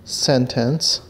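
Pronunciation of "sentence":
'Sentence' is pronounced correctly here.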